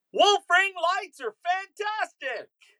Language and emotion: English, surprised